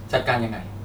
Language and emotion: Thai, frustrated